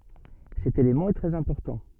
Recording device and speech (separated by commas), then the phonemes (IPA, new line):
soft in-ear microphone, read sentence
sɛt elemɑ̃ ɛ tʁɛz ɛ̃pɔʁtɑ̃